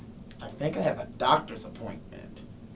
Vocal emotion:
disgusted